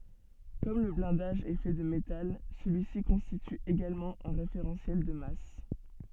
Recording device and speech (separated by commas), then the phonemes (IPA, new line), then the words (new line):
soft in-ear microphone, read sentence
kɔm lə blɛ̃daʒ ɛ fɛ də metal səlyi si kɔ̃stity eɡalmɑ̃ œ̃ ʁefeʁɑ̃sjɛl də mas
Comme le blindage est fait de métal, celui-ci constitue également un référentiel de masse.